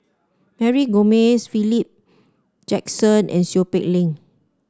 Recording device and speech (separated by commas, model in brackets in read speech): standing microphone (AKG C214), read sentence